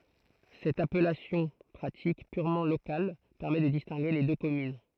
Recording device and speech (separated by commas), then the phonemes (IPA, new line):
throat microphone, read sentence
sɛt apɛlasjɔ̃ pʁatik pyʁmɑ̃ lokal pɛʁmɛ də distɛ̃ɡe le dø kɔmyn